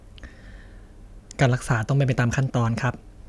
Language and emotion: Thai, neutral